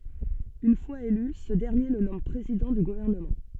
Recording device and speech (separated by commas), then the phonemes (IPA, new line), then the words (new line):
soft in-ear microphone, read sentence
yn fwaz ely sə dɛʁnje lə nɔm pʁezidɑ̃ dy ɡuvɛʁnəmɑ̃
Une fois élu, ce dernier le nomme président du gouvernement.